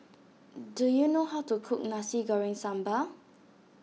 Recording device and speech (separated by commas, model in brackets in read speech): mobile phone (iPhone 6), read sentence